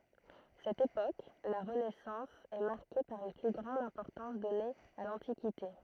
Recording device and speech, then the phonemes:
throat microphone, read sentence
sɛt epok la ʁənɛsɑ̃s ɛ maʁke paʁ yn ply ɡʁɑ̃d ɛ̃pɔʁtɑ̃s dɔne a lɑ̃tikite

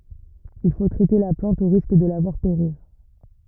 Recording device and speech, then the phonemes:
rigid in-ear microphone, read sentence
il fo tʁɛte la plɑ̃t o ʁisk də la vwaʁ peʁiʁ

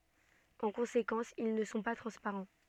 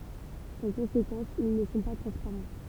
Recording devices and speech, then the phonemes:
soft in-ear microphone, temple vibration pickup, read sentence
ɑ̃ kɔ̃sekɑ̃s il nə sɔ̃ pa tʁɑ̃spaʁɑ̃

